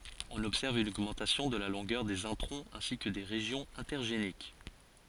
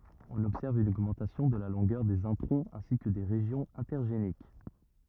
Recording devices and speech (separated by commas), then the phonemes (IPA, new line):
forehead accelerometer, rigid in-ear microphone, read sentence
ɔ̃n ɔbsɛʁv yn oɡmɑ̃tasjɔ̃ də la lɔ̃ɡœʁ dez ɛ̃tʁɔ̃z ɛ̃si kə de ʁeʒjɔ̃z ɛ̃tɛʁʒenik